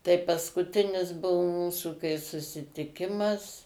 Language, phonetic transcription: Lithuanian, tai paskuˈtinis ˈbuvo ˈmūsu kai susitiˈkimas

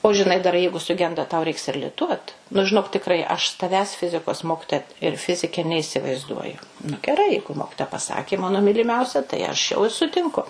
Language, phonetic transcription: Lithuanian, o žiˈnai dar ˈjeigu suˈgenda tau ˈreiks ir liˈtuot nu žiˈnok tikˈrai aš s taˈvęs ˈfizikos ˈmokitoja ir ˈfizike neįsivaizˈduoju nu geˈrai ˈjeigu ˈmokitoja pasakė ˈmano myliˈmiausia tai aš jau i sutinˈku

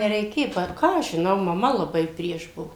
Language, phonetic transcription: Lithuanian, nereiˈkė ˈpar ˈką aš žiˈnau maˈma laˈbai ˈprieš ˈbuo

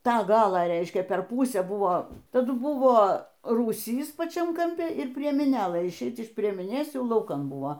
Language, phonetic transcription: Lithuanian, ˈtą ˈgalą ˈreiškia per ˈpūsę ˈbuvo taˈdu ˈbuvo rūˈsys paˈčiam kamˈpi ir priemiˈnėlɘ išˈeic iš priemiˈnės ˈjau lauˈkan buo

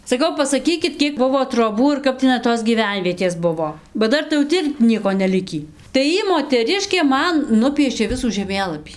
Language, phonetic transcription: Lithuanian, saˈkau pasaˈkykit ˈkiek ˈbuvo troˈbų ir ˈkap tiˈnai tos gyˈvenvietės ˈbuvo ba ˈdar tai jau ˈti ir ˈnieko neˈlikį tai ˈjy moteˈriškė ˈman ˈnupiešė ˈvisų žeˈmėlapį

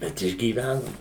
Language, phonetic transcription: Lithuanian, ˈbet išgyˈvænom

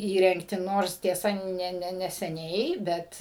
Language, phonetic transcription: Lithuanian, ˈįrengti ˈnors tieˈsa ˈne ˈne neseˈniai ˈbet

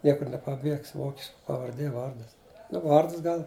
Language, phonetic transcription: Lithuanian, ˈniekur nepaˈbiegs ˈvokiška pavarˈdė ˈvardas nu ˈvardas ˈgal

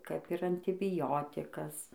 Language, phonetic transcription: Lithuanian, kap ir antibiˈjotikas

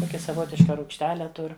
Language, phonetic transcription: Lithuanian, ˈtokia saˈvotiška rūgšˈtele ˈtur

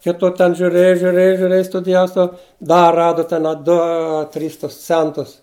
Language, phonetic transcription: Lithuanian, ˈkitu ten žiuˈrėju žiuˈrėju žiuˈrėju studiˈjau stau ˈda ˈradu ˈten a ˈdu ˈa ˈtrys tus ˈcentus

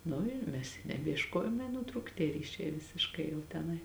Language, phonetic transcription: Lithuanian, ˈnu i ˈmes i nebiešˈkojom i nuˈtrūk tie ˈryšiai visišˈkai jau teˈnai

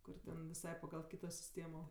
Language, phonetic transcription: Lithuanian, ˈkur ten viˈsai pagal ˈkyto siˈstėmo

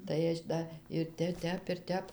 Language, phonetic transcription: Lithuanian, tai ˈaš da ir ˈte ˈtep ir ˈtep

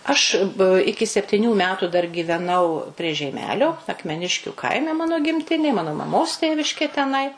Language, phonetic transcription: Lithuanian, aš ˈiki septiˈnių ˈmetų dar gyveˈnau prie žeiˈmelio akmeˈniškiu ˈkaime ˈmano gimˈtinė ˈmano maˈmos ˈtėviškė teˈnai

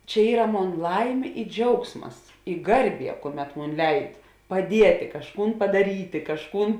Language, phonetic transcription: Lithuanian, čia ˈyra ˈmon ˈlaimė i ˈdžiaugsmas i ˈgarˌbie ˈkuoˌmet ˈmon ˈleid paˈdietė kažˈkūn padaˈrytė kažˈkūn

